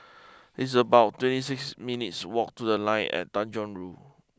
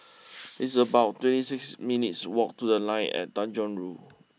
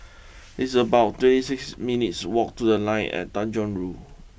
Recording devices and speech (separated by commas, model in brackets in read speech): close-talking microphone (WH20), mobile phone (iPhone 6), boundary microphone (BM630), read sentence